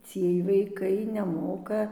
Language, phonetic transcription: Lithuanian, ˈciej vaiˈkai neˈmoka

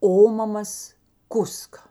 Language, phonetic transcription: Lithuanian, ˈomamas ˈkuska

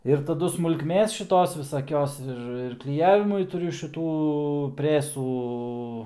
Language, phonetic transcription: Lithuanian, ir taˈdu smulkˈmės šiˈtos visaˈkios ˈir ir kliˈjavimui tuˈriu šiˈtų ˈpresų

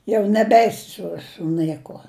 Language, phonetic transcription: Lithuanian, ˈjau neˈbeisi ˈsu su ˈnɘkuo

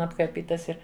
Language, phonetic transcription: Lithuanian, apkarˈpytais ˈir

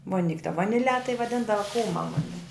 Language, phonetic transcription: Lithuanian, voˈnik' ta vaniˈle tai vaˈdindava ˈkūma ˈmuni

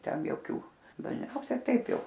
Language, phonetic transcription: Lithuanian, ˈten joˈkių dažˈniausia ˈtaip ˈjau

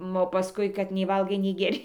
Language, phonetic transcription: Lithuanian, ˈo paˈskui kad nei ˈvalgai nei geˈri

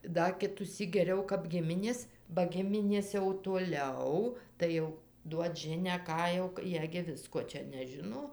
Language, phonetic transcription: Lithuanian, ˈda kitųˈsyk geˈriau kap ˈgiminės ba ˈgiminės jau toˈliau tai ˈjau ˈduot ˈžinią ˈką jau ˈjie gi ˈvisko ˈčia neˈžino

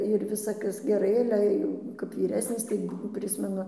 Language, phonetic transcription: Lithuanian, ir ˈvisa ˈkas geˈrai ˈale jau kap vyˈresnis ˈtai ˈprismenu

